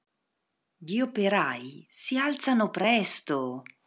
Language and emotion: Italian, surprised